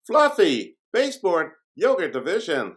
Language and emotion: English, surprised